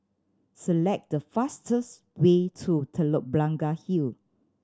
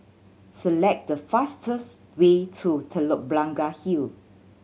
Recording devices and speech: standing microphone (AKG C214), mobile phone (Samsung C7100), read sentence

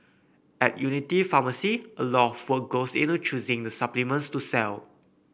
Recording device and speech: boundary microphone (BM630), read sentence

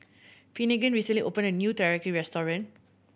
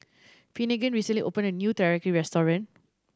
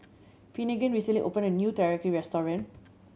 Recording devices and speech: boundary microphone (BM630), standing microphone (AKG C214), mobile phone (Samsung C7100), read sentence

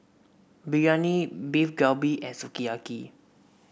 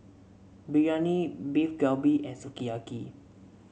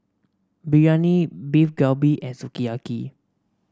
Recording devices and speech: boundary microphone (BM630), mobile phone (Samsung C7), standing microphone (AKG C214), read sentence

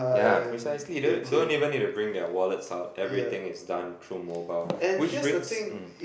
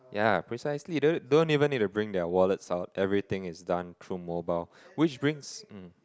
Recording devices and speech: boundary microphone, close-talking microphone, conversation in the same room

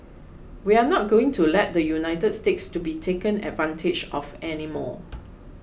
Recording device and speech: boundary microphone (BM630), read sentence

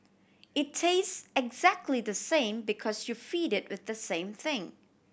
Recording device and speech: boundary microphone (BM630), read sentence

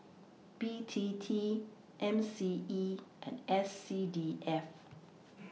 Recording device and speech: mobile phone (iPhone 6), read sentence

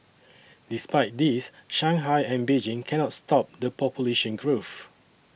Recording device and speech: boundary microphone (BM630), read sentence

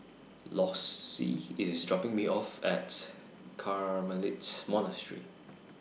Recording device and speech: mobile phone (iPhone 6), read sentence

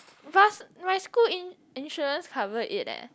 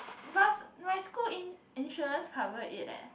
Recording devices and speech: close-talking microphone, boundary microphone, conversation in the same room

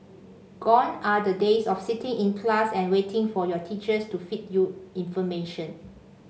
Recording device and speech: mobile phone (Samsung C5), read sentence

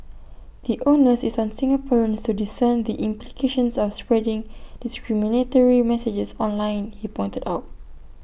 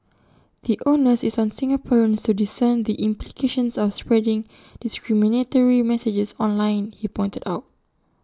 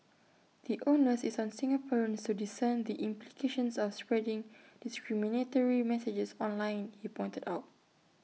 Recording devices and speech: boundary microphone (BM630), standing microphone (AKG C214), mobile phone (iPhone 6), read sentence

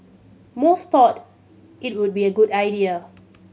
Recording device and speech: mobile phone (Samsung C7100), read sentence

